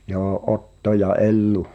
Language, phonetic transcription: Finnish, joo '’Otto ja "’Ellu .
- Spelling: joo Otto ja Ellu

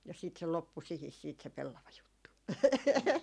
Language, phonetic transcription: Finnish, ja sit se 'loppu sihis siit se 'pellavajuttu .
- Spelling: ja sitten se loppui siihen sitten se pellavajuttu

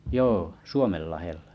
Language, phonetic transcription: Finnish, 'joo , ’Suomenllahellᴀ .
- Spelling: joo Suomenlahdella

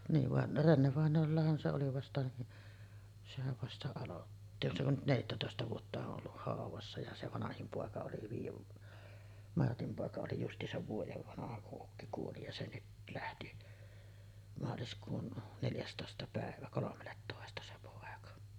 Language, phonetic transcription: Finnish, niiv van , 'Renne-vàeǹoollahan se oli 'vasta , sehäv vasta "alotti , se on nyt 'neljättätòesta vuota o’ ’olluh 'hàuvassa ja 'se "vanahim 'pòeka oli viijev̳§ , 'Martim pòeka oli just̀iisav 'vuojev vanaha kuˀ 'ˀukki kuoli ja se 'nyt lähti , maaliskuun neljästòesta pä̀evä "kolomellettòesta se 'pòeka .
- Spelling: niin vaan Renne-vainajallahan se oli vasta sehän vasta aloitti se on nyt neljättätoista vuotta on ollut haudassa ja se vanhin poika oli viiden Martin poika oli justiinsa vuoden vanha kun ukki kuoli ja se nyt lähti maaliskuun neljästoista päivä kolmelletoista se poika

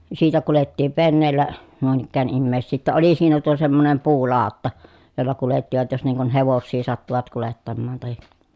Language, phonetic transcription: Finnish, siitä kulettiiv venneellä , nuin ‿ikkään immèi̮ssii ‿ttä oli siinä tuo semmonem puulàotta , jolla kulettivat jos niiŋ kun hevossii sattuvat kulettammaan tahi ,.
- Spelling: siitä kuljettiin veneellä noin ikään ihmisiä että oli siinä tuo semmoinen puulautta jolla kuljettivat jos niin kuin hevosia sattuivat kuljettamaan tai

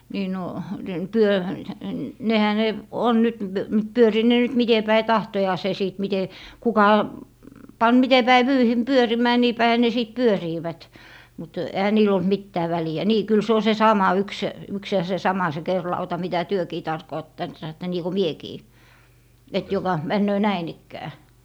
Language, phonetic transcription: Finnish, nii no , den- , 'pyö- , 'nehä ne , 'on nyt , 'pyöriit ne nyt 'mite päi "tahtojaase 'sìt 'mite , 'kuka , 'pan 'mite päi 'vyyhim "pyörimää 'nii 'päihä ne 'sìt 'pyöriivät , mut 'ehä niil ‿olt "mittää 'väli₍ä "nii 'kyl se o se 'sama yks , yks ja se 'sama se "kerlauta mitä "työkii (tarkoottant sanotta) niiko "miekii , et joka , 'männöö "näin ‿ikkää .
- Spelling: niin no - - nehän ne on nyt pyörivät ne nyt miten päin tahtojansa sitten miten kuka pani miten päin vyyhdin pyörimään niin päinhän ne sitten pyörivät mutta eihän niillä ollut mitään väliä niin kyllä se on se sama yksi yksi ja se sama se kerinlauta mitä tekin tarkoittanut sanotte niin kuin minäkin että joka menee näin ikään

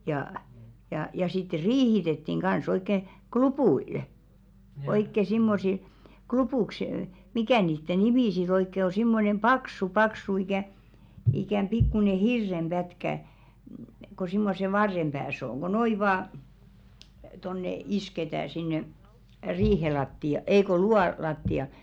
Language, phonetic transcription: Finnish, jaa , jà ja sitte 'riihitettiŋ ɢa̰s ‿oikke , "klupù₍ilʿᵊʾ , oikke simmosil , 'klupùks , "mikä 'niitte "nimi si't ‿oikke ‿o simmonem "paksu 'paksu ikä̀ , ikäm 'pikkune "hirrem 'ʙätkä , ko simmose "varrem ʙääs ‿oŋ ɢo 'noi vaa , tonne "isketää sinne , 'riihe latti₍a 'ei ko "lu₍a latti₍a .
- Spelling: ja ja ja sitten riihitettiin kanssa oikein klupuilla oikein semmoisilla klupuiksi mikä niiden nimi sitten oikein on semmoinen paksu paksu ikään ikään pikkuinen hirren pätkä kun semmoisen varren päässä on kun noin vain tuonne isketään sinne riihen lattiaan ei kun luuvan lattiaan

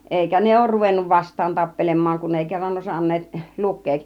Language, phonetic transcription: Finnish, 'èikä "ne òur ruvennu "vast̆taan 'tappelem̆maaŋ kun èi 'kerran 'osan̆neet , 'luk̆keek .
- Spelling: eikä ne ole ruvennut vastaan tappelemaan kun ei kerran osanneet lukea

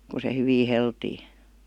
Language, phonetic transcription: Finnish, ku se 'hyvi 'heltii .
- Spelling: kun se hyvin heltiää

